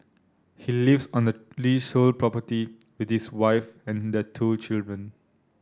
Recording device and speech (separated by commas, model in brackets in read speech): standing microphone (AKG C214), read sentence